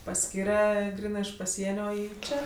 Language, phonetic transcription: Lithuanian, paˈskyre ˈgrynɜ iš paˈsienio ˈį ˈčia

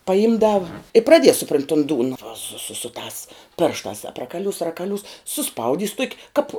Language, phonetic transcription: Lithuanian, paˈimdav i praˈdies suˈpront' tun ˈdūna va su su su tās ˈpėrštās aprakaˈliūs rakaˈliūs suˈspaudys tuok' ˈkap

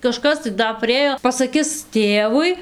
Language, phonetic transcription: Lithuanian, kaˈžkas tai ˈda priˈėjo pasaˈkis ˈtėvui

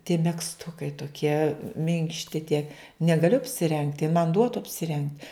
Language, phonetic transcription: Lithuanian, tie megzˈtukai toˈkie ˈminkšti tie negaˈliu apsiˈrengt' jin man ˈduotu apsiˈreng

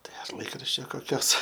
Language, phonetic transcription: Lithuanian, ˈtai ar ˈlaikraščio koˈkios

